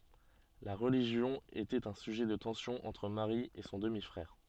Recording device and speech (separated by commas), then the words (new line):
soft in-ear microphone, read sentence
La religion était un sujet de tension entre Marie et son demi-frère.